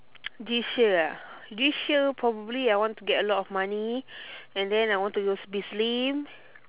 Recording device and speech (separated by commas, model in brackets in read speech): telephone, conversation in separate rooms